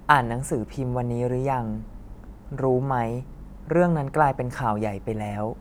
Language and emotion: Thai, neutral